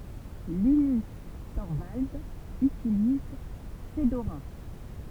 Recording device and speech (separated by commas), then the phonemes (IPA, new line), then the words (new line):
temple vibration pickup, read sentence
linys tɔʁvaldz ytiliz fədoʁa
Linus Torvalds utilise Fedora.